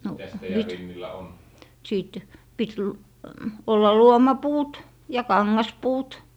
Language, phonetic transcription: Finnish, no nyt. , siit , 'pit l- , ollal "luomapuut , ja "kaŋŋaspuut. ,
- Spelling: no nyt sitten piti - olla luomapuut ja kangaspuut

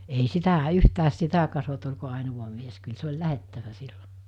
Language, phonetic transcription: Finnish, ei 'sitä 'yhtääs 'sitä kasot oĺko àenuva mies kyl 'se oĺ 'lähettävä 'siʟʟᴏ .
- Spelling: ei sitä yhtään sitä katsottu oliko ainoa mies kyllä se oli lähdettävä silloin

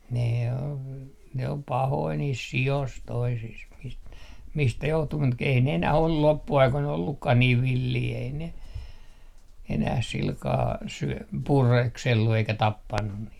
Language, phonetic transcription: Finnish, 'ne on , ne om 'pahoi niis 'si₍os 'toisis mist- , 'mistä 'johtu mut k - ei ne enäh ‿ol 'loppu₍aikoi'n ‿ollukkah 'niiv "villii ei ne , enäh 'silkaa 'syö- , "pureksellu eikä "tappannun 'niit .
- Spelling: ne on ne on pahoja niissä sioissa toisissa - mistä johtuu mutta - ei ne enää ole loppuaikoina ollutkaan niin villejä ei ne enää sillä kalella - pureskellut eikä tappanut niitä

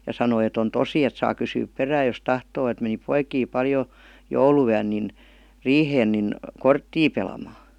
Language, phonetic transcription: Finnish, ja 'sanoi et ‿on "tosi et saa 'kysyyp "perääj jos "tahtoo et meni 'poikii 'paljo , "joulu₍yän nin , "riiheen nin , "korttii pelamaa .
- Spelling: ja sanoi että on tosi että saa kysyä perään jos tahtoo että meni poikia paljon jouluyönä niin riiheen niin korttia pelaamaan

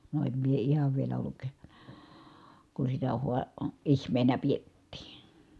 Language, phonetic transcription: Finnish, no em mie ihav vielä olluk , kun sitä hua- , ihm̀eenä piettii .
- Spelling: no en minä ihan vielä ollut kun sitä - ihmeenä pidettiin

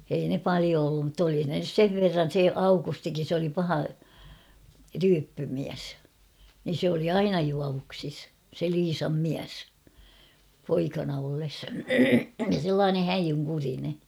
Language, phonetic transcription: Finnish, ei ne "palio ollum mutt ‿oli ne nys "sev 'verran̬ se "Aukustikin̬ se oli 'paha , 'ryyppymiäs , nin̬ sᵉ ‿oli "aina 'juavuksis , se 'Liisam "miäs , 'poikana olles , (ja) 'sellaane "häjyŋkurine .
- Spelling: ei ne paljon ollut mutta oli ne nyt sen verran se Aukustikin se oli paha ryyppymies niin se oli aina juovuksissa se Liisan mies poikana ollessa ja sellainen häijynkurinen

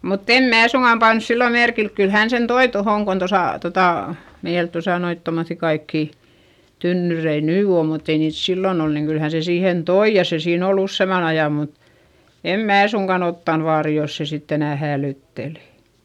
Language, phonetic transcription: Finnish, mutt ‿em mää suŋGam panᵘs sillo merkilk - kyl hän sen toi tohòŋ kon tosà , totà , meil tosa noit tomoϑϑi kaikkì , tynnyrei nyy o mutt ‿ei niit sillon ‿ol - niiŋ kyl hä se siihen toi ja se siin ‿ol ‿ussèman ‿aja mut , em mää suŋkan ‿ottan vaari jos se sitt ‿enä̀ häälỳttelI .
- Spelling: mutta en minä suinkaan pannut silloin merkille kyllä hän sen toi tuohon kun tuossa tuota meillä tuossa noita tuommoisia kaikkia tynnyreitä nyt on mutta ei niitä silloin ollut niin kyllä hän sen siihen toi ja se siinä oli useamman ajan mutta en minä suinkaan ottanut vaaria jos se sitten enää häälytteli

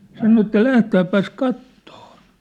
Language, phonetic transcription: Finnish, sano että » "lähtääppäs "kattoo ! «
- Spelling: sanoi että lähdetäänpäs katsomaan

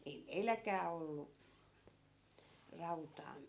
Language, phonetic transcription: Finnish, 'ei "meilläk̆kää ollu , 'rautaa .
- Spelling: ei meilläkään ollut rautaa

